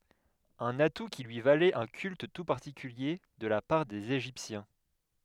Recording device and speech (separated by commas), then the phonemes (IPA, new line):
headset microphone, read sentence
œ̃n atu ki lyi valɛt œ̃ kylt tu paʁtikylje də la paʁ dez eʒiptjɛ̃